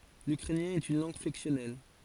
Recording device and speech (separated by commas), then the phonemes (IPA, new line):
forehead accelerometer, read sentence
lykʁɛnjɛ̃ ɛt yn lɑ̃ɡ flɛksjɔnɛl